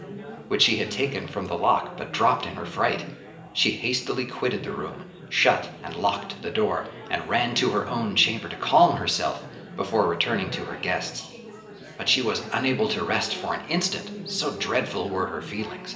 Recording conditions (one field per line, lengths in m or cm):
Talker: one person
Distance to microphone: 1.8 m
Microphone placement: close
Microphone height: 1.0 m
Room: large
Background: babble